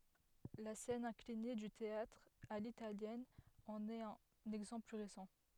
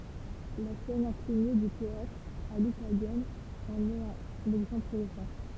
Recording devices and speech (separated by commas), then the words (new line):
headset microphone, temple vibration pickup, read sentence
La scène inclinée du théâtre à l'italienne en est un exemple plus récent.